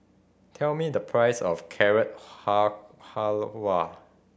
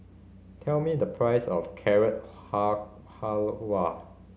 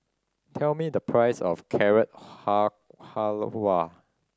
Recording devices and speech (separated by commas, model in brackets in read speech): boundary microphone (BM630), mobile phone (Samsung C5010), standing microphone (AKG C214), read sentence